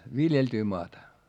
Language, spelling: Finnish, viljeltyä maata
- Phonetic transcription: viljeltyy moata .

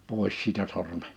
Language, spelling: Finnish, pois siitä sormet
- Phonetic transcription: 'pòis siitä 'sorme .

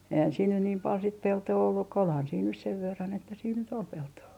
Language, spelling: Finnish, eihän siinä nyt niin paljon sitten peltoa ollut kun olihan siinä nyt sen verran että siinä nyt oli peltoa
- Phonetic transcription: eihän siin nyn niim pal sit 'peltoo olluk ko olhan siin nys 'sev 'verran että siin ny't ‿ol 'peltoo .

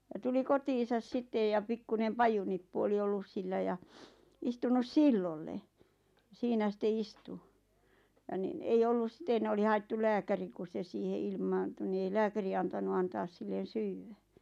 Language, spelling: Finnish, ja tuli kotiinsa sitten ja pikkuinen pajunippu oli ollut sillä ja istunut silloille siinä sitten istui ja niin ei ollut sitten oli haettu lääkäri kun se siihen ilmaantui niin ei lääkäri antanut antaa sille syödä
- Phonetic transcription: ja tuli 'kotiisas 'sittej ja 'pikkunem 'pajunippu oli 'ollus sillä ja , 'istunus "sillolle , 'siinä sⁱte 'istu , ja nin ‿ei 'ollus sⁱten oli haettul "lääkäri 'ku se 'siihe 'ilmaantu ni ei "lääkäri antanu 'antaas sillen̬ "syywwä .

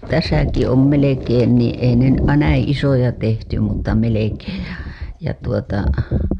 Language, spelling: Finnish, tässäkin on melkein niin ei ne näin isoja tehty mutta melkein ja ja tuota
- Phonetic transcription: täsäki om melekeen nii ei ne , näiḭ isoja tehty mutta melekeej ja , ja tuota .

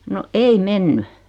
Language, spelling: Finnish, no ei mennyt
- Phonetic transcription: no , 'ei "menny .

